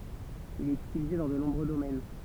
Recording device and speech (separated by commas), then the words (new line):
temple vibration pickup, read sentence
Il est utilisé dans de nombreux domaines.